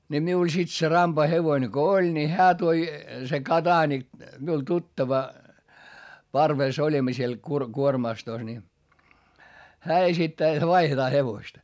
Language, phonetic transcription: Finnish, ńi miul sit se rampa hevoⁱne ko oĺ ni hää toi , se Ka"daanik , miul tuttava , parvès oĺimma siel kur- , kuormastos ni , hää esittää jot vaihetaa hevosta .
- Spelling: niin minulla sitten se rampa hevonen kun oli niin hän toi se Kodanik minulle tuttava parvessa olimme siellä - kuormastossa niin hän esittää jotta vaihdetaan hevosta

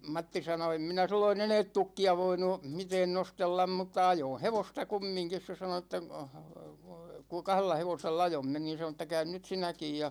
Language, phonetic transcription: Finnish, 'Matti sano , 'em minä 'silloin "eneet 'tukki₍a voinu , 'miteen 'nostellam mutta 'ajoo̰ "hevosta 'kummiŋkis se sano (että) , ku 'kah(l)ella 'hevosella "ajomme ni (sano että) » 'käyn nyt̳§ "sinäkij « ja ,.
- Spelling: Matti sanoi en minä silloin enää tukkia voinut mitään nostella mutta ajoin hevosta kumminkin se sanoi että kun kahdella hevosella ajoimme niin sanoi että käy nyt sinäkin ja

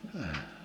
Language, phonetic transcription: Finnish, əə .
- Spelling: -

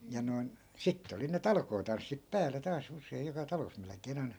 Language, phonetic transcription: Finnish, ja noi̮n , 'sitte oli ne "talkootanssip 'pääle taa's ‿us̀eij joka 'talos melᵉk̆kee'n ‿ai̮NA .
- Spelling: ja noin sitten oli ne talkootanssit päälle taas usein joka talossa melkein aina

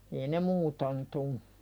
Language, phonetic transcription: Finnish, ei ne "muuton tu .
- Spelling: ei ne muuten tule

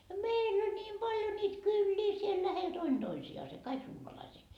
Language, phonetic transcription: Finnish, ja "meill ‿ol ńiim 'paljo niit "kyllii siel 'lähel 'Doin 'Doisi₍aase "kaik 'suomalaisii .
- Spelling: ja meillä oli niin paljon niitä kyliä siellä lähellä toinen toisiansa kaikki suomalaisia

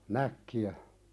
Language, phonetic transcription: Finnish, näkki₍ä .
- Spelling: näkkiä

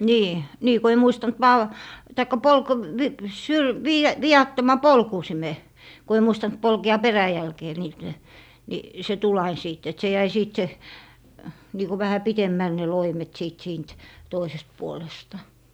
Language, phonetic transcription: Finnish, 'nii , 'nii ko ei 'muistant "val- , taikka 'polko- , v - vi- , syl- , 'viia- , 'vi₍attoma "polkùsime , ko ei 'muistant 'polke₍a "peräjälkee niil(le) , ni 'se tul ain 'sìt et 'se jäi 'siit 'se , niiku vähä "pitemmäl ne 'loimet 'sìt 'siint , 'toisest 'puolesta .
- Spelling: niin niin kun ei muistanut - tai - - - - - viattoman polkusimen kun ei muistanut polkea peräjälkeen niille niin se tuli aina sitten että se jäi siitä se niin kuin vähän pitemmälle ne loimet sitten siitä toisesta puolesta

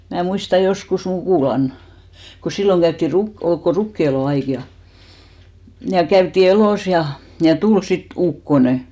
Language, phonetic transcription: Finnish, mää 'muista 'joskus 'mukùlan , ko 'silloŋ käytti 'ruk- , ol ko 'rukki₍elò 'aik ja , ja 'käytti 'elòs ja , ja 'tul sit "ukkone .
- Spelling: minä muistan joskus mukulan kun silloin käytiin - oli kun rukiinelon aika ja ja käytiin elossa ja ja tuli sitten ukkonen

